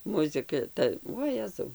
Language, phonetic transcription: Lithuanian, muziˈka ˈta oˈjezau

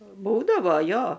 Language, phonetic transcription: Lithuanian, ˈbūdavo ˈjo

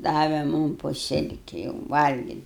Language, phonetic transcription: Lithuanian, ˈdave ˈmum po ˈsilki jau valgit'

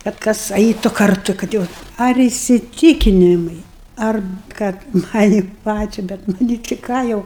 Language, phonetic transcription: Lithuanian, kad ˈkas ˈaitu karˈtu kad ˈjau ar isiˈtykinimai ar ˈkad ˈmani ˈpačia bet ˈnu ni ti ˈką jau

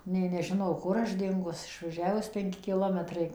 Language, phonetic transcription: Lithuanian, nė neˈžino ˈkur aš ˈdingus išvaˈžiavus penˈki kiˈlometrai

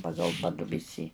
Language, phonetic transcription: Lithuanian, ˈpagal ˈpadubisį

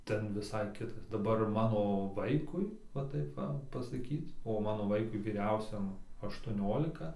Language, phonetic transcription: Lithuanian, ˈten viˈsai ˈkitas daˈbar ˈmano ˈvaikui va ˈtaip ˈva pasaˈkyt o ˈmano ˈvaikui vyˈriausiam aštuoˈniolika

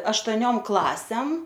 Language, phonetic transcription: Lithuanian, aštoˈniom ˈklasem

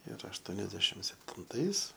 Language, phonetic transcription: Lithuanian, ir ašˈtoniasdešim septinˈtais

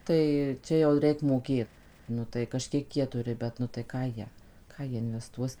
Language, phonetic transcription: Lithuanian, ˈtai ˈčia jau ˈreik ˈmokėt ˈnu tai kaˈžkiek ˈjie ˈturi ˈbet nu tai ˈką ˈjie ˈką jie inveˈstuos

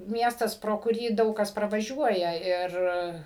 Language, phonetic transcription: Lithuanian, ˈmiestas pro kuˈrį ˈdaug kas pravaˈžiuoja ˈir

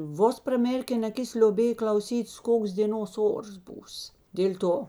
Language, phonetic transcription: Lithuanian, ˈvos praˈmėrken aˈkis lioˈbėj klauˈsytės ˈkoks dėˈnos ˈors ˈbūs dėl' ˈto

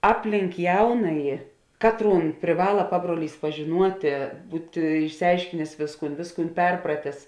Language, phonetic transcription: Lithuanian, ˈapˌlink ˈjaunaji ˈkatˌrūn priˈvala ˈpabruoˌlys pažiˈnuotė ˈbūti išsiˈaiškinės ˈvėsˌkūn ˈvėsˌkūn ˈperpratės

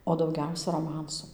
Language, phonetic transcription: Lithuanian, o dauˈgiausia roˈmansu

